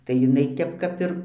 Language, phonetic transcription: Lithuanian, tai jiˈnai ˈtep ˈkap ir

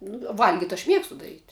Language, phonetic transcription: Lithuanian, nu ˈvalgit' aš ˈmiegstu daˈryt'

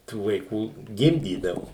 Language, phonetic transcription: Lithuanian, tų vaiˈkų ˈgimdydavu

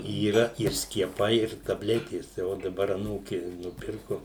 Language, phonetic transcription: Lithuanian, yˈra ir skieˈpai ir taˈbletės tai ˈo daˈbar aˈnūki nuˈpirku

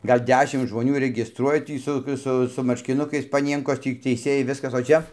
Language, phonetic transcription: Lithuanian, ˈgal' ˈdešim žmoˈnių regisˈtruoja ˈtį su ˈsu gi su marškiˈnukais paˈnienkos ˈtį teiˈsėjai ˈviskas o ˈčia

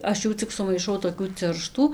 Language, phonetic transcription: Lithuanian, ˈaš ˈjų cik sumaiˈšau toˈkių ˈcirštų

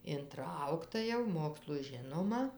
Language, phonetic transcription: Lithuanian, inˈtraukta jau ˈmokslu ˈžinoma

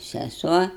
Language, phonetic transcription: Lithuanian, seˈsuo

